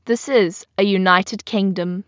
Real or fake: real